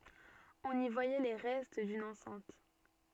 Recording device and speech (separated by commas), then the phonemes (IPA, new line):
soft in-ear microphone, read sentence
ɔ̃n i vwajɛ le ʁɛst dyn ɑ̃sɛ̃t